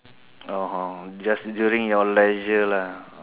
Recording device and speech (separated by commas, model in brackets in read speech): telephone, conversation in separate rooms